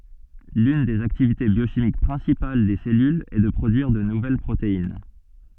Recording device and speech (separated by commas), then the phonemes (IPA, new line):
soft in-ear microphone, read sentence
lyn dez aktivite bjoʃimik pʁɛ̃sipal de sɛlylz ɛ də pʁodyiʁ də nuvɛl pʁotein